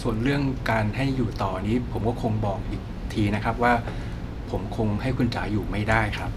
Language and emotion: Thai, frustrated